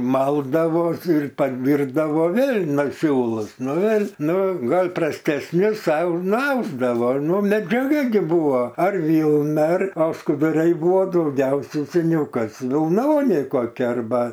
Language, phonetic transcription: Lithuanian, ˈmaldavos ir paˈdyrbdavo ˈvėl' ˈnu ˈsiūlus ˈnu ˈvėl' ˈnu ˈgal' prastesˈnius ˈsau nuˈausdavo ˈnu medžiaˈga gi ˈbuvo ar ˈvylna ar o skuduˈrai ˈbuvo dauˈgiausia seˈniau ˈkas vilˈnoniai koˈkia arˈba

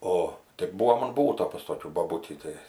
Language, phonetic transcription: Lithuanian, ˈo tik ˈbūvom an ˈbūto pas toˈkių boˈbutį ˈtai

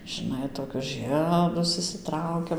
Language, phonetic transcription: Lithuanian, žɨˈnai toˈkius ˈžɨedus išsiˈtraukiam

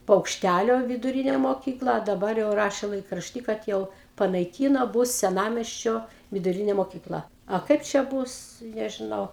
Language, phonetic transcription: Lithuanian, paukšˈtælio viduˈrinė moˈkykla a daˈbar jau ˈraše laikrašˈty kad ˈjau panaiˈkyno ˈbus seˈnamiesčio viduˈrinė mokyˈkla a ˈkaip čia ˈbūs nežiˈnau

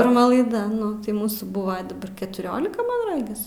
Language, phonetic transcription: Lithuanian, pirˈma laiˈda ˈnu tai ˈmūsų ˈbuva daˈbar ketuˈrolika man ˈragis

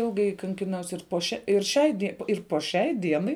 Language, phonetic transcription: Lithuanian, ˈilgai kankiˈnaus ir po ˈšia ir ˈšiai die ir po ˈšiai ˈdienai

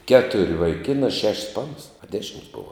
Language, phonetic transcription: Lithuanian, ˈketur' vaiˈkinā ˈšeš's ˈpanas a ˈdešims' ˈbova

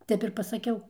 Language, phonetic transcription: Lithuanian, ˈtep ir pasaˈkiau

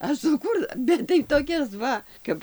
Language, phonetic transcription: Lithuanian, aš suˈkūr ˈbet tai toˈkias ˈva ˈkap

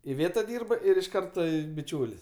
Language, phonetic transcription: Lithuanian, iˈvėta ˈdyrba ir iš ˈkarta biˈčiūlis

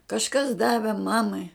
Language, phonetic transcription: Lithuanian, kažˈkas ˈdave ˈmamai

